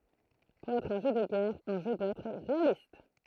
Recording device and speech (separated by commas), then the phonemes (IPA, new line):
throat microphone, read sentence
puʁ ɛtʁ œ̃ ʒø də ɡɛʁ œ̃ ʒø dwa ɛtʁ ʁealist